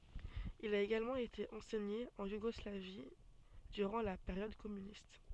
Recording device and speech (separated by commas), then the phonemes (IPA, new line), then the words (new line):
soft in-ear microphone, read sentence
il a eɡalmɑ̃ ete ɑ̃sɛɲe ɑ̃ juɡɔslavi dyʁɑ̃ la peʁjɔd kɔmynist
Il a également été enseigné en Yougoslavie durant la période communiste.